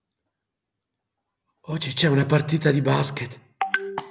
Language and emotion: Italian, fearful